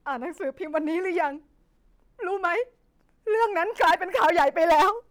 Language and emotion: Thai, sad